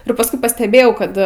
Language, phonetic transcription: Lithuanian, ir pasˈkui pasteˈbėjau ˈkad

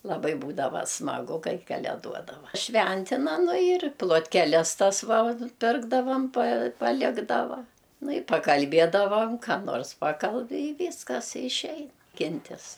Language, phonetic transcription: Lithuanian, laˈbai ˈbūdava smaˈgu ˈkai kaleˈduodava ˈšventina ˈnu ir plotkeˈles ˈtas ˈva ˈpirkdavam pa paˈlikdava ˈnu i pakalˈbiedavam ką ˈnors ˈpakalbi i ˈvyskas išˈeina ˈkintis

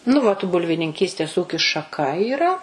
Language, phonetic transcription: Lithuanian, nu vat bulvininˈkystės ˈūkis šaˈka yˈra

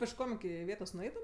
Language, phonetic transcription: Lithuanian, pišˈkom iˈki iˈvėtos nuˈeitum

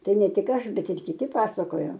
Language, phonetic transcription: Lithuanian, ˈtai ˈne ˈtik ˈaš ˈbet ir kiˈti ˈpasakojo

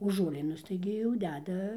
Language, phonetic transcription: Lithuanian, o žuoˈlynus taigi jau ˈdeda

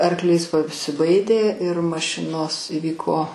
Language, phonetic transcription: Lithuanian, arˈklys pasiˈbaidė ir maˈšinos iˈvyko

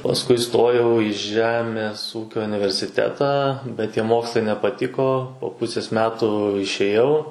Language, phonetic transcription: Lithuanian, pasˈkui iˈstojau i ˈžemės ˈūkio universiˈtetą bet tie ˈmokslai nepaˈtiko po ˈpusės ˈmetu išėˈjau

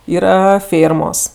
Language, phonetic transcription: Lithuanian, ˈyra ˈfėrmos

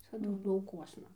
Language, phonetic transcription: Lithuanian, ˈvisadu lauˈkuosna

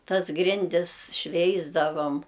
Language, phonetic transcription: Lithuanian, ˈtas ˈgrindis ˈšveisdavom

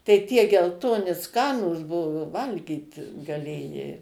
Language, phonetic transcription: Lithuanian, tai tie gelˈtoni ˈskanūs ˈbuvu ˈvalgyt gaˈlėjai

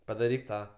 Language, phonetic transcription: Lithuanian, padaˈryk ˈtą

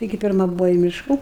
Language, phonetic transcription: Lithuanian, taiˈgi pirˈma ˈbuvo į ˈmiška

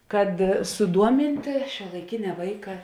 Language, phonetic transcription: Lithuanian, kad suˈduomintė šiuolaiˈkinia ˈvaika

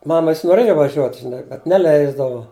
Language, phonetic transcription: Lithuanian, ˈmama ˈvis noˈrėju vaˈžiuot žiˈnai bet neˈleisdavu

